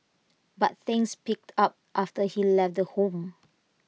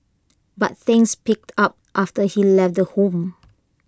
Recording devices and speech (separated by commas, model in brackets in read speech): mobile phone (iPhone 6), close-talking microphone (WH20), read sentence